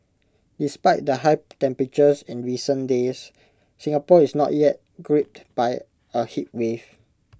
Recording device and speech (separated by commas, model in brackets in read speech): close-talking microphone (WH20), read sentence